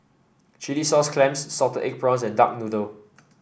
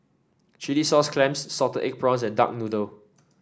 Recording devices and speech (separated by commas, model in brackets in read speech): boundary microphone (BM630), standing microphone (AKG C214), read sentence